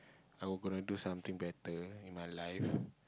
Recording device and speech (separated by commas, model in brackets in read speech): close-talking microphone, conversation in the same room